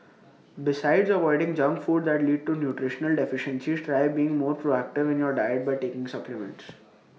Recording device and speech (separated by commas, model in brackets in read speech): mobile phone (iPhone 6), read sentence